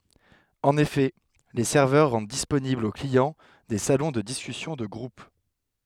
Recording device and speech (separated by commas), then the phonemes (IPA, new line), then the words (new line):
headset microphone, read sentence
ɑ̃n efɛ le sɛʁvœʁ ʁɑ̃d disponiblz o kliɑ̃ de salɔ̃ də diskysjɔ̃ də ɡʁup
En effet, les serveurs rendent disponibles aux clients des salons de discussions de groupe.